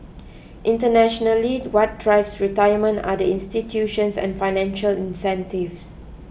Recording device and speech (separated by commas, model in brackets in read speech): boundary microphone (BM630), read sentence